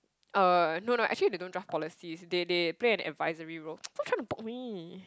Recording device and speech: close-talking microphone, conversation in the same room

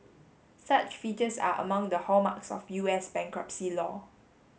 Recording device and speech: mobile phone (Samsung S8), read sentence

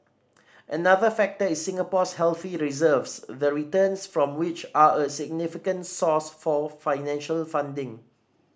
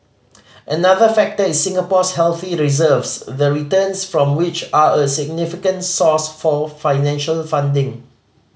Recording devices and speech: standing microphone (AKG C214), mobile phone (Samsung C5010), read sentence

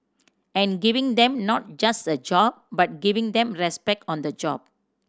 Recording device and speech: standing microphone (AKG C214), read sentence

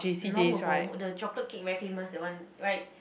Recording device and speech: boundary microphone, conversation in the same room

